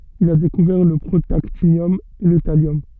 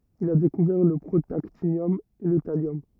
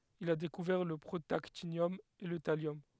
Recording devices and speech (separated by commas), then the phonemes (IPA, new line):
soft in-ear microphone, rigid in-ear microphone, headset microphone, read sentence
il a dekuvɛʁ lə pʁotaktinjɔm e lə taljɔm